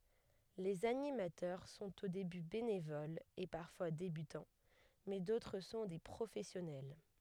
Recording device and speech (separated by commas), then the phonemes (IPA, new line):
headset microphone, read sentence
lez animatœʁ sɔ̃t o deby benevolz e paʁfwa debytɑ̃ mɛ dotʁ sɔ̃ de pʁofɛsjɔnɛl